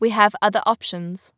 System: none